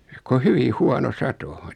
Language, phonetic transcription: Finnish, ko "hyvi "huano "sato .
- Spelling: kuin hyvin huono sato

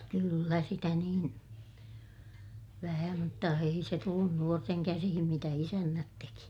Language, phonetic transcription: Finnish, kyllä sitä niin , vähä mutta ei se tullun nuorteŋ käsihim mitä isännät teki .
- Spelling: kyllä sitä niin vähän mutta ei se tullut nuorten käsiin mitä isännät teki

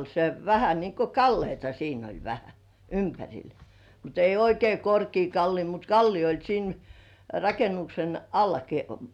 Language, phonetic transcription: Finnish, se 'vähä niŋko "kalleita siin ‿oĺ vähä , ympäŕil , mut ‿ei 'oikei "korkii 'kallii mut "kallii oĺ 'siin , "rakenuksen 'allaki .
- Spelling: se vähän niin kuin kalliota siinä oli vähän ympärillä mutta ei oikein korkea kallio mutta kallio oli siinä rakennuksen allakin

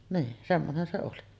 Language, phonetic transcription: Finnish, nii , 'semmonen se oli .
- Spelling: niin semmoinen se oli

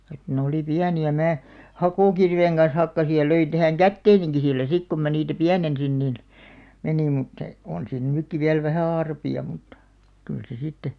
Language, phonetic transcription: Finnish, et ne 'oli 'piäni₍ä "mää , "hakòkirveeŋ ɢan̬s 'hakkasij̆§ ja 'löin tähäŋ "kätteeniŋki 'sillä "sik kum mä niitä "piänen̬sin nin , 'meni (mut se) 'on siin 'nỳkki viäl 'vähä̀ "arpi₍a muttᴀ , kyl se 'sitte .
- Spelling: että ne oli pieniä minä hakokirveen kanssa hakkasin ja löin tähän käteenikin sillä sitten kun minä niitä pienensin niin meni mutta se on siinä nytkin vielä vähän arpia mutta kyllä se sitten

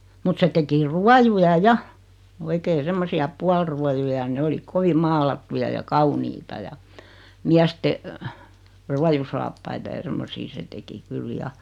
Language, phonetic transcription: Finnish, mut 'se teki "rua-juja "ja , oikee 'semmosi₍a "pualruajuja (ja) 'ne oli "kovi 'maalattuja ja "kauniita ja , 'miäste , "ruajusaappaita ja 'semmosii 'se teki 'kyl "ja .
- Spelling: mutta se teki ruojuja ja oikein semmoisia puoliruojuja ja ne oli kovin maalattuja ja kauniita ja miesten ruojusaappaita ja semmoisia se teki kyllä ja

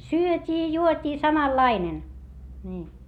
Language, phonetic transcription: Finnish, syöt́ii juot́ii samallainen , ńii .
- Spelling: syötiin juotiin samanlainen niin

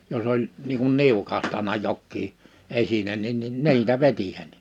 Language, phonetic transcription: Finnish, 'jos ‿oĺ , niiŋ kun 'niukahtana 'jokkii , 'esinen nin nin "ni̬itä "vetihän nᴇ .
- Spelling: jos oli niin kuin niukahtanut jokin esine niin niin niitä vetihän ne

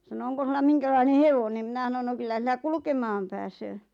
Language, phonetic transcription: Finnish, sano » 'oŋko sulla "miŋkälaine "hevonen « 'mⁱnä ˢanon » no 'kyllä sillä 'kulᵘkemaam pääsöö « .
- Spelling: sanoi onko sinulla minkälainen hevonen minä sanoin no kyllä sillä kulkemaan pääsee

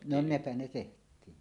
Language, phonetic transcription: Finnish, no "nepä ne 'teht̀iin .
- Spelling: no nepä ne tehtiin

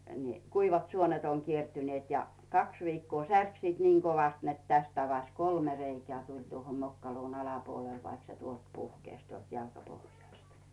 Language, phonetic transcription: Finnish, ni , » 'kuivat "suonet oŋ 'kiertyneet « ja , 'kaks viikkoo "särk siit niiŋ 'kovast net 'täst avas "kolme 'reikᵉä̀ tuĺ tuoho 'mokkaluun 'alapuol vaik se 'tuolt 'puhkèś tuolt 'jalkapohjàst .
- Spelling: niin kuivat suonet on kiertyneet ja kaksi viikkoa särki sitten niin kovasti että tästä avasi kolme reikää tuli tuohon mokkaluun alapuolelle vaikka se tuolta puhkesi tuolta jalkapohjasta

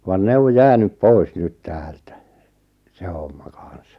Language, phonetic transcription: Finnish, van 'ne o "jäänyp "poi̬s 'nyt "täältä , 'se homma 'kan̬s .
- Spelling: vaan ne on jäänyt pois nyt täältä se homma kanssa

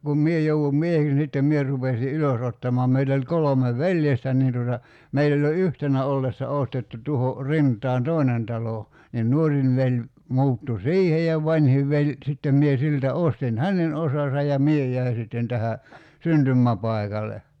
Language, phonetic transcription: Finnish, kum "mie jouwum ('mieheks ni) sittem 'mie rupesi "ylösottamɔa meit ‿oĺ 'kolome "veljestä niin tuota , 'meill ‿oĺ jo "yhtenä ollessa 'ostettu 'tuho , 'rint̀aan "tòi̬nen 'talo , nin "nuorin 'veĺ , 'muuttu "siihe ja 'vańhiv veĺ , sittem 'mie 'siltä 'ostin "hänen 'osasa ja "mie j̀äi sitten tähä , 'syntymmäpai̬kale .
- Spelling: kun minä jouduin mieheksi niin sitten minä rupesin ylösottamaan meitä oli kolme veljestä niin tuota meillä oli jo yhtenä ollessa ostettu tuohon rintaan toinen talo niin nuorin veli muuttui siihen ja vanhin veli sitten minä siltä ostin hänen osansa ja minä jäin sitten tähän syntymäpaikalle

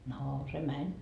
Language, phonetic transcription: Finnish, noo se 'mäń .
- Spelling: no se meni

